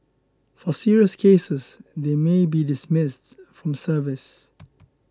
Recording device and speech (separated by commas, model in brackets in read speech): close-talking microphone (WH20), read sentence